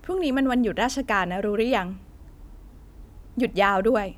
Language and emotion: Thai, frustrated